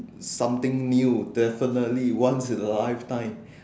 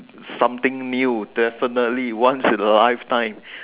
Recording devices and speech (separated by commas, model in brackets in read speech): standing microphone, telephone, conversation in separate rooms